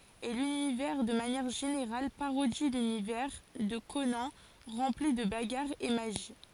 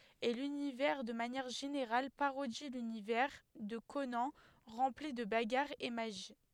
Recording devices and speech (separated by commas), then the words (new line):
forehead accelerometer, headset microphone, read sentence
Et l'univers de manière générale parodie l'univers de Conan rempli de bagarres et magie.